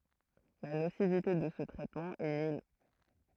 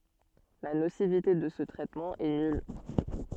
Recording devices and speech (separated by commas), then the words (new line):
throat microphone, soft in-ear microphone, read sentence
La nocivité de ce traitement est nulle.